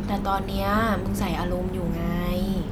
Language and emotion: Thai, neutral